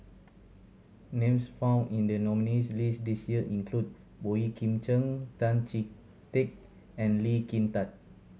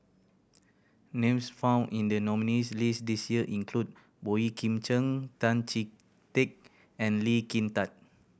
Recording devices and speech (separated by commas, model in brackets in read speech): mobile phone (Samsung C7100), boundary microphone (BM630), read sentence